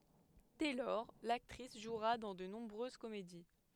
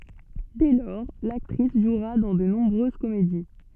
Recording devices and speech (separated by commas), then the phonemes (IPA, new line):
headset microphone, soft in-ear microphone, read sentence
dɛ lɔʁ laktʁis ʒwʁa dɑ̃ də nɔ̃bʁøz komedi